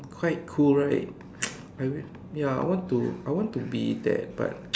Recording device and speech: standing microphone, conversation in separate rooms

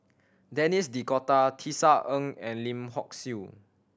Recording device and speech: standing microphone (AKG C214), read sentence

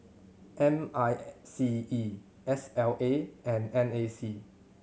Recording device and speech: mobile phone (Samsung C7100), read sentence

